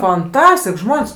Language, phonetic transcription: Lithuanian, fanˈtastik ˈžmon's'

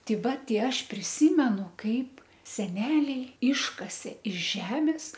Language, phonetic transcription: Lithuanian, ˈtei ˈva ˈtei ˈaš priˈsymenu ˈkaip seˈneliai ˈiškasė iš ˈžemis

